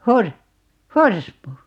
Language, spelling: Finnish, - horsmu
- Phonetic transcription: 'hor- , "horsmu .

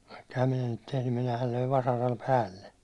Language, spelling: Finnish, vaikka enhän minä niitä tehnyt minähän löin vasaralla päälle
- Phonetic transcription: vaikk ‿ehäm 'minä niit tehnym minähäl löiv 'vasaral "päälle .

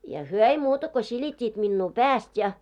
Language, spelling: Finnish, ja he ei muuta kuin silittivät minua päästä ja
- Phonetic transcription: ja "hyö 'ei muuta ko 'siĺit́t́iit 'minnuu "pääst ja .

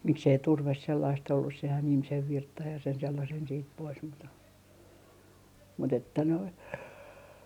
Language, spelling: Finnish, miksi ei turve sellaista ollut sehän ihmisen virtsan ja sen sellaisen sitten pois mutta mutta että noin
- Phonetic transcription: 'miksei "turves sellaist ollus sehän 'ihmisen 'virttaj ja sen sellasen siit 'pois mut , mut ‿että noin .

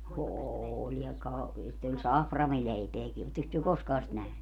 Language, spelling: Finnish, oli ja - sitten oli saframileipääkin olettekos te koskaan sitä nähnyt
- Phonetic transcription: "ooĺ ja ka- , sitt ‿oĺ "saframileipeäki 'otteks työ "koskaa sit 'nähny ?

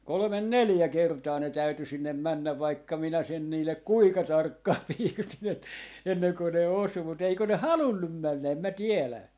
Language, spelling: Finnish, kolme neljä kertaa ne täytyi sinne mennä vaikka minä sen niille kuinka tarkkaan piirsin - ennen kuin ne osui mutta eikö ne halunnut mennä en minä tiedä
- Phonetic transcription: 'kolᵒmen "neljä 'kertaa ne 'täyty 'sinnem "männäv 'vaikka 'minä sen 'niillek "kuika 'tarkkaa 'piirsin ‿et - 'enneŋko ne 'osu mut eikö ne "halunnum 'männä 'em mä "tielä .

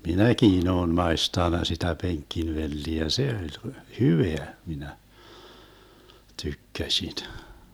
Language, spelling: Finnish, minäkin olen maistanut sitä penkkivelliä ja se oli hyvää minä tykkäsin
- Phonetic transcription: 'minäkiin ‿oon 'maestan̆na sitä 'peŋk̆kin'velliä ja 'se oĺ , "hyveä , minä , 'tykkäšin .

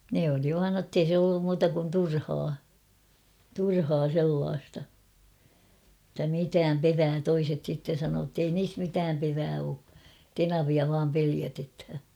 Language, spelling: Finnish, ne oli vain jotta ei se ollut muuta kuin turhaa turhaa sellaista että mitään perää toiset sitten sanoo että ei niissä mitään perää ole tenavia vain pelotetaan
- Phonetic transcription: 'ne oli vaan nottei 'se ollum muuta kun "turhaa , "turhaa 'sellaasta , [et]tä "mitääm 'perää 'toiset sitten̬ sanoo ‿ttei 'niis 'mitääm perää oo , "tenavia vaam 'peliätethä .

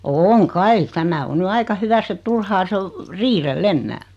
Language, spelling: Finnish, on kai tämä on nyt aika hyvässä että turhaa se on riidellä enää
- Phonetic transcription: ooŋ 'kai , 'tämä o 'ny "aika 'hyväss ‿et 'turhaa se o , 'riirel"l ‿ennää .

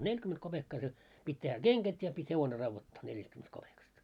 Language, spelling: Finnish, neljäkymmentä kopeekkaa se piti tehdä kengät ja piti hevonen raudoittaa neljästäkymmenestä kopeekasta
- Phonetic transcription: 'neĺkyment kopekka se , 'pit́ tehä "keŋɢät ja , pit́ 'hevone 'ravvottaa 'neljästkymmenest kopekast .

